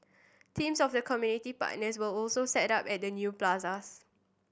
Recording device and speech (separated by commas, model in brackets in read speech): boundary microphone (BM630), read sentence